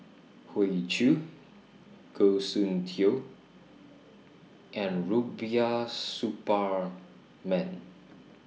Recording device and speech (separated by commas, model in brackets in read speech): mobile phone (iPhone 6), read sentence